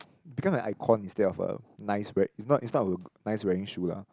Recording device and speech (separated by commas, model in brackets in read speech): close-talking microphone, conversation in the same room